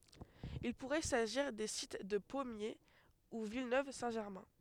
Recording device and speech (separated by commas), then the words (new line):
headset microphone, read sentence
Il pourrait s'agir des sites de Pommiers ou Villeneuve-Saint-Germain.